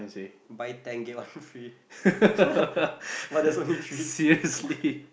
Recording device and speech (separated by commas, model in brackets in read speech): boundary microphone, conversation in the same room